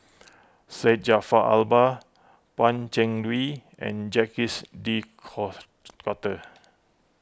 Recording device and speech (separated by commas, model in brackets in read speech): close-talking microphone (WH20), read sentence